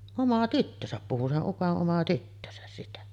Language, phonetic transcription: Finnish, "oma 'tyttösäp puhu , se’ '’uko’ ’oma tyttösäs sitä .
- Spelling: oma tyttönsä puhui sen ukon oma tyttönsä sitä

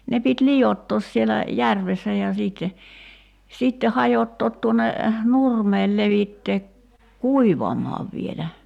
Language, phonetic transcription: Finnish, ne pit "lijottoos sielä , "järvessä ja 'siitte , 'sitte 'hajottoot tuon̆ne , "nurmeel 'levittee , "kuivamaav vielä .
- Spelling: ne piti liottaa siellä järvessä ja sitten sitten hajottaa tuonne nurmelle levittää kuivamaan vielä

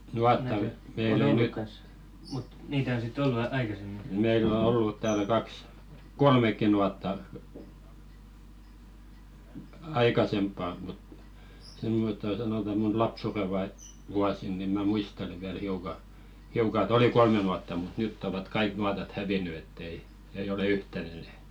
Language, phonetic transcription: Finnish, "nuatta meil ‿o 'nyt , "meill ‿o 'ollut täälᵃ̈ 'kaks , "kolmek̆ki nuatta , "aikasemppà mut , 'semmotto sanòta mun "lapsure vai- , vuasin ni mä 'muistele viäl hiuka , hiuka ‿'ᵉt ‿oli "kolme nuatta mut 'nytt ‿ovat "kaik 'nuatat 'häviny ett ‿ei , 'eij ‿ole "yhtän enɛ ᴇt .
- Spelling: nuotta meillä on nyt meillä on ollut täällä kaksi kolmekin nuottaa aikaisempaan mutta semmottoon sanotaan minun lapsuuden - vuosina niin minä muistelen vielä hiukan hiukan että oli kolme nuottaa mutta nyt ovat kaikki nuotat hävinnyt että ei ei ole yhtään enää että

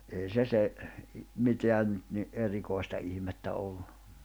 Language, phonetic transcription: Finnish, ei se se , 'miteä nyt ni’ '’erikòi̬sta ihmettä olʟᴜ .
- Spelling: ei se se mitään nyt niin erikoista ihmettä ollut

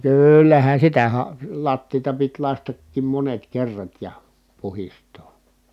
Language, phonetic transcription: Finnish, no kỳllähän̬ sitä ha- , lattiita pit lastəttiim monet kerrat ja , puhist̀oo .
- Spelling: no kyllähän sitä - lattiaa piti lakaistakin monet kerrat ja puhdistaa

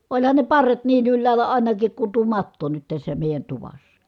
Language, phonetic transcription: Finnish, oĺhan ne parret niin yllääl̀ä àinakik ku tuo matto nyt tässä mèi̮jän tuvassA .
- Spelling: olihan ne parret niin ylhäällä ainakin kuin tuo matto nyt tässä meidän tuvassa

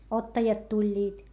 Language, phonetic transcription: Finnish, ottajat tuĺĺiit .
- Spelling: ottajat tulivat

